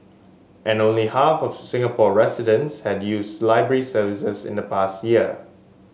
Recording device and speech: mobile phone (Samsung S8), read sentence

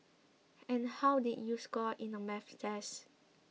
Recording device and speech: mobile phone (iPhone 6), read sentence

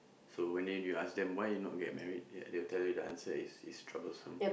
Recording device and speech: boundary microphone, conversation in the same room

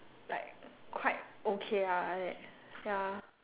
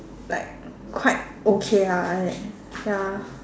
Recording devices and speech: telephone, standing microphone, conversation in separate rooms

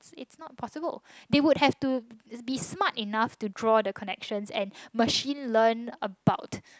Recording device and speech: close-talking microphone, conversation in the same room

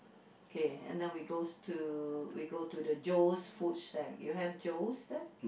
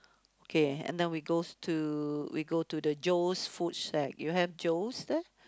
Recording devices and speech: boundary microphone, close-talking microphone, conversation in the same room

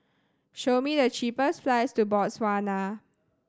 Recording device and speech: standing microphone (AKG C214), read sentence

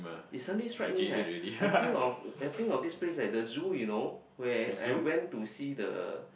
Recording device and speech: boundary microphone, conversation in the same room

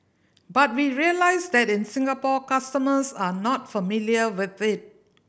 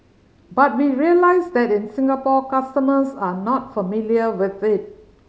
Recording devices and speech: boundary microphone (BM630), mobile phone (Samsung C5010), read sentence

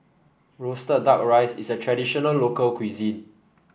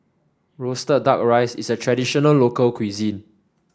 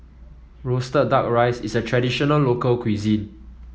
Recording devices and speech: boundary microphone (BM630), standing microphone (AKG C214), mobile phone (iPhone 7), read sentence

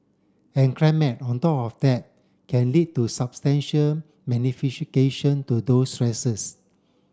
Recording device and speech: standing microphone (AKG C214), read sentence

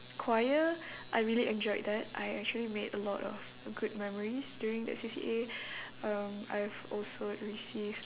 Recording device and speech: telephone, conversation in separate rooms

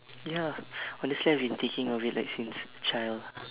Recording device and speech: telephone, conversation in separate rooms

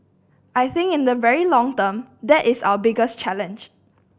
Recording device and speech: boundary microphone (BM630), read sentence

